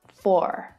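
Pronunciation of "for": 'for' is said in a standard American accent, with the R sound pronounced at the end.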